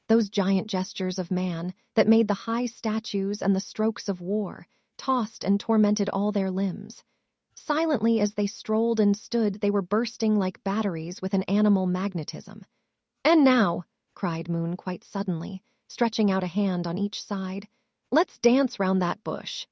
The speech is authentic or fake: fake